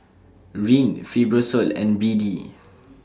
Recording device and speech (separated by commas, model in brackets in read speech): standing microphone (AKG C214), read sentence